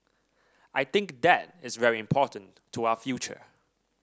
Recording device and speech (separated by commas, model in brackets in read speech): standing microphone (AKG C214), read sentence